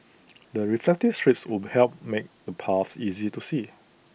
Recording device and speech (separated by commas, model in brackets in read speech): boundary microphone (BM630), read sentence